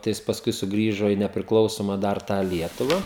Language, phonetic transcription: Lithuanian, tai ˈjis pasˈkui suˈgrįžo į nepriklauˈsoma dar ˈtą ˈlietuva

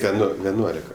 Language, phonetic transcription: Lithuanian, ˈten ˈnu ˈveˈnuolika

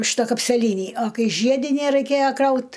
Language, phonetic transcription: Lithuanian, ˈšita kapseˈlynį a ˈkai ˈžiedinæ raiˈkėja ˈkraut

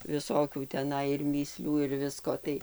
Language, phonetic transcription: Lithuanian, viˈsokių teˈnai ir mįˈslių ir ˈvisko tai

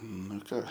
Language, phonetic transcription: Lithuanian, ˈnu i ˈką

